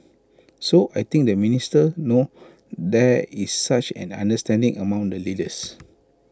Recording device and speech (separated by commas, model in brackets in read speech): close-talking microphone (WH20), read sentence